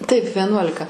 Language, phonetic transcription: Lithuanian, taip veˈnuolika

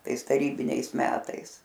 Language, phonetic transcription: Lithuanian, ˈtais taˈrybiniais ˈmetais

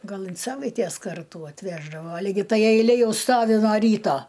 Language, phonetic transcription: Lithuanian, gal in ˈsavaitės ˈkartų atˈveždavo ligi ˈtai eiˈlė ˈjau ˈstovi no ˈryto

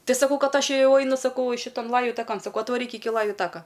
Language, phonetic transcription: Lithuanian, ˈtai saˈkau ˈkad ˈaš ˈjau ˈainu saˈkau ˈšitan ˈlaju taˈkan saˈkau atvaˈryk ˈiki ˈlaju ˈtaka

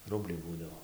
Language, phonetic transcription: Lithuanian, ˈrubliai ˈbūdavo

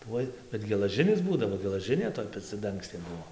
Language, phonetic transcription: Lithuanian, ˈtuoj bet gelaˈžinis ˈbūdavo gelaˈžinė toj peciaˈdangstė ˈbuo

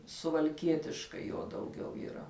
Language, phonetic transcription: Lithuanian, suvalˈkietiškai ˈjo dauˈgiau yˈra

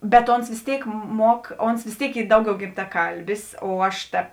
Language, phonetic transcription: Lithuanian, bet ˈons vės ˈtėik ˈmuok ˈons vės ˈtėik ˈy ˈdauˌgiau gimtaˈkalbis o ˈaš ta

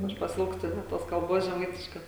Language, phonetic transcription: Lithuanian, ˈaš paˈsilgstu net ˈtos kalˈbos žeˈmaitiškos

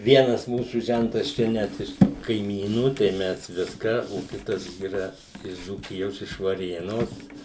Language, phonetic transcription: Lithuanian, ˈvienas ˈmūsų ˈžentas ˈčia ˈnet iš kaiˈmynų tai ˈmes ˈviską o ˈkitas yˈra iš dzūˈkijos iš vaˈrėnos

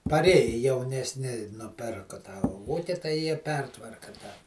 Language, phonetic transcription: Lithuanian, paˈrėji jaunesˈni nuˈpirku ta ˈvūki tai ˈjie ˈpertvarka tą

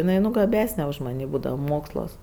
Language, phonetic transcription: Lithuanian, jiˈnai nu gaˈbesne už maˈnį ˈbūdava ˈmoksluos

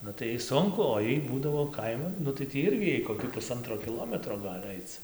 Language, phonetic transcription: Lithuanian, ˈnu tai ˈjai ˈsunku o ˈjai ˈbūdavo ˈkaiman ˈnu tai ˈtį ˈirgi ˈjai kokį puˈsantro kiˈlometro ˈgal' ˈaic

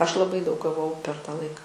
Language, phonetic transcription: Lithuanian, ˈaš laˈbai daug gaˈvau per ta ˈlaika

